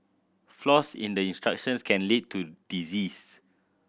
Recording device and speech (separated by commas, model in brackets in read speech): boundary microphone (BM630), read sentence